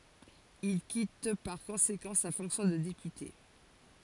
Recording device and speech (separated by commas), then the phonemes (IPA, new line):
forehead accelerometer, read sentence
il kit paʁ kɔ̃sekɑ̃ sa fɔ̃ksjɔ̃ də depyte